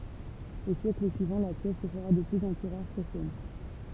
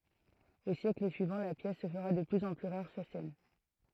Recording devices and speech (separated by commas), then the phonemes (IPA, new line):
temple vibration pickup, throat microphone, read sentence
o sjɛkl syivɑ̃ la pjɛs sə fəʁa də plyz ɑ̃ ply ʁaʁ syʁ sɛn